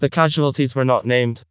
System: TTS, vocoder